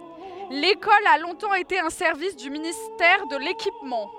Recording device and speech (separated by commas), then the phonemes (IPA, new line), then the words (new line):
headset microphone, read sentence
lekɔl a lɔ̃tɑ̃ ete œ̃ sɛʁvis dy ministɛʁ də lekipmɑ̃
L'école a longtemps été un service du ministère de l'Équipement.